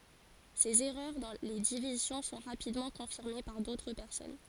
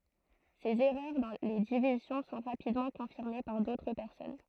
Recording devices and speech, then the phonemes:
forehead accelerometer, throat microphone, read sentence
sez ɛʁœʁ dɑ̃ le divizjɔ̃ sɔ̃ ʁapidmɑ̃ kɔ̃fiʁme paʁ dotʁ pɛʁsɔn

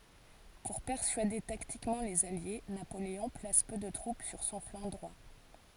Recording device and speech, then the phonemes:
forehead accelerometer, read sentence
puʁ pɛʁsyade taktikmɑ̃ lez alje napoleɔ̃ plas pø də tʁup syʁ sɔ̃ flɑ̃ dʁwa

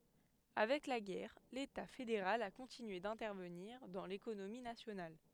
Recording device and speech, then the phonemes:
headset microphone, read sentence
avɛk la ɡɛʁ leta fedeʁal a kɔ̃tinye dɛ̃tɛʁvəniʁ dɑ̃ lekonomi nasjonal

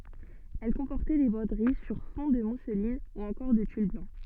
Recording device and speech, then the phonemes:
soft in-ear microphone, read sentence
ɛl kɔ̃pɔʁtɛ de bʁodəʁi syʁ fɔ̃ də muslin u ɑ̃kɔʁ də tyl blɑ̃

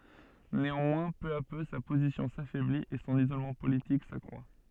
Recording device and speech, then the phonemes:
soft in-ear microphone, read sentence
neɑ̃mwɛ̃ pø a pø sa pozisjɔ̃ safɛblit e sɔ̃n izolmɑ̃ politik sakʁwa

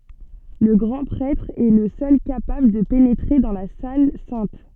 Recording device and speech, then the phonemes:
soft in-ear microphone, read sentence
lə ɡʁɑ̃ pʁɛtʁ ɛ lə sœl kapabl də penetʁe dɑ̃ la sal sɛ̃t

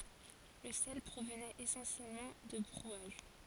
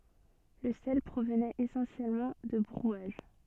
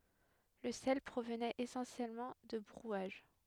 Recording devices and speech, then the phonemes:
forehead accelerometer, soft in-ear microphone, headset microphone, read sentence
lə sɛl pʁovnɛt esɑ̃sjɛlmɑ̃ də bʁwaʒ

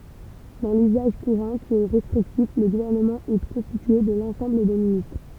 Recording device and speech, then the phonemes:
temple vibration pickup, read sentence
dɑ̃ lyzaʒ kuʁɑ̃ ki ɛ ʁɛstʁiktif lə ɡuvɛʁnəmɑ̃ ɛ kɔ̃stitye də lɑ̃sɑ̃bl de ministʁ

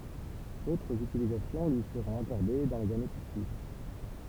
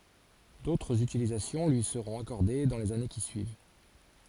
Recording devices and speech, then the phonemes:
temple vibration pickup, forehead accelerometer, read sentence
dotʁz ytilizasjɔ̃ lyi səʁɔ̃t akɔʁde dɑ̃ lez ane ki syiv

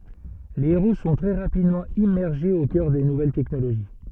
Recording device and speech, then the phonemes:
soft in-ear microphone, read sentence
le eʁo sɔ̃ tʁɛ ʁapidmɑ̃ immɛʁʒez o kœʁ de nuvɛl tɛknoloʒi

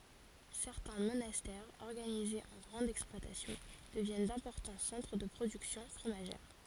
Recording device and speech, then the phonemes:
forehead accelerometer, read sentence
sɛʁtɛ̃ monastɛʁz ɔʁɡanizez ɑ̃ ɡʁɑ̃dz ɛksplwatasjɔ̃ dəvjɛn dɛ̃pɔʁtɑ̃ sɑ̃tʁ də pʁodyksjɔ̃ fʁomaʒɛʁ

